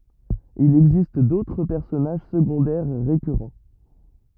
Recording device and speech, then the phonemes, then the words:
rigid in-ear microphone, read sentence
il ɛɡzist dotʁ pɛʁsɔnaʒ səɡɔ̃dɛʁ ʁekyʁɑ̃
Il existe d'autres personnages secondaires récurrents.

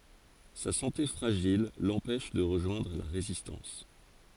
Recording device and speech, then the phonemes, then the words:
forehead accelerometer, read sentence
sa sɑ̃te fʁaʒil lɑ̃pɛʃ də ʁəʒwɛ̃dʁ la ʁezistɑ̃s
Sa santé fragile l'empêche de rejoindre la Résistance.

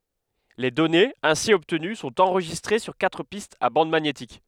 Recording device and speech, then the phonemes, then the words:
headset microphone, read sentence
le dɔnez ɛ̃si ɔbtəny sɔ̃t ɑ̃ʁʒistʁe syʁ katʁ pistz a bɑ̃d maɲetik
Les données ainsi obtenues sont enregistrées sur quatre pistes à bande magnétique.

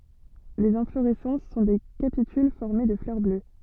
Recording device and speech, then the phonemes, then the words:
soft in-ear microphone, read sentence
lez ɛ̃floʁɛsɑ̃s sɔ̃ de kapityl fɔʁme də flœʁ blø
Les inflorescences sont des capitules formés de fleurs bleues.

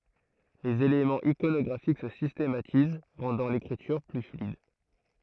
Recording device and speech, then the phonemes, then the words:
throat microphone, read sentence
lez elemɑ̃z ikonɔɡʁafik sə sistematiz ʁɑ̃dɑ̃ lekʁityʁ ply flyid
Les éléments iconographiques se systématisent rendant l'écriture plus fluide.

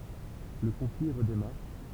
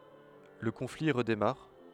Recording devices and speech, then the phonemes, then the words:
temple vibration pickup, headset microphone, read sentence
lə kɔ̃fli ʁədemaʁ
Le conflit redémarre.

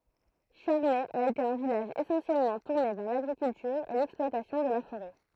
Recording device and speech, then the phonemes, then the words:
throat microphone, read sentence
ʃaʁnɛ a ete œ̃ vilaʒ esɑ̃sjɛlmɑ̃ tuʁne vɛʁ laɡʁikyltyʁ e lɛksplwatasjɔ̃ də la foʁɛ
Charnay a été un village essentiellement tourné vers l'agriculture et l'exploitation de la forêt.

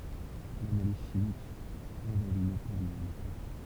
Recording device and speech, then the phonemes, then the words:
temple vibration pickup, read sentence
lanaliz ʃimik ʁevɛl yn o pɔlye mɛ klɛʁ
L'analyse chimique révèle une eau polluée mais claire.

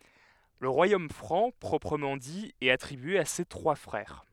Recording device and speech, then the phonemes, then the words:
headset microphone, read sentence
lə ʁwajom fʁɑ̃ pʁɔpʁəmɑ̃ di ɛt atʁibye a se tʁwa fʁɛʁ
Le Royaume franc proprement dit est attribué à ses trois frères.

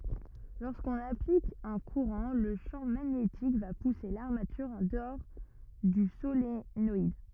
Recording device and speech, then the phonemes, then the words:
rigid in-ear microphone, read sentence
loʁskɔ̃n aplik œ̃ kuʁɑ̃ lə ʃɑ̃ maɲetik va puse laʁmatyʁ ɑ̃ dəɔʁ dy solenɔid
Lorsqu’on applique un courant, le champ magnétique va pousser l’armature en dehors du solénoïde.

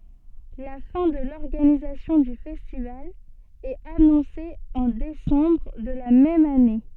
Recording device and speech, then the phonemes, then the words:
soft in-ear microphone, read sentence
la fɛ̃ də lɔʁɡanizasjɔ̃ dy fɛstival ɛt anɔ̃se ɑ̃ desɑ̃bʁ də la mɛm ane
La fin de l'organisation du festival est annoncée en décembre de la même année.

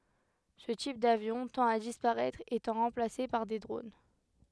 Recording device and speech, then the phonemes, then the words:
headset microphone, read sentence
sə tip davjɔ̃ tɑ̃t a dispaʁɛtʁ etɑ̃ ʁɑ̃plase paʁ de dʁon
Ce type d'avion tend à disparaître étant remplacé par des drones.

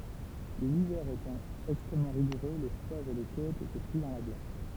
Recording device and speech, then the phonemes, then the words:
temple vibration pickup, read sentence
livɛʁ etɑ̃ ɛkstʁɛmmɑ̃ ʁiɡuʁø le fløvz e le kotz etɛ pʁi dɑ̃ la ɡlas
L'hiver étant extrêmement rigoureux, les fleuves et les côtes étaient pris dans la glace.

